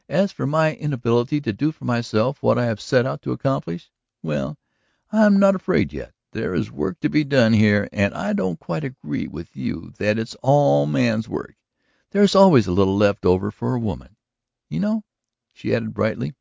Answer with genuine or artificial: genuine